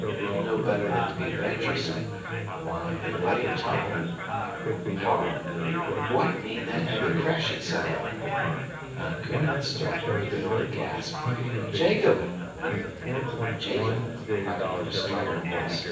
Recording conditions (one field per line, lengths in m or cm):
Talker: one person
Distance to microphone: 9.8 m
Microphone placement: far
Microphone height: 1.8 m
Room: large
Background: babble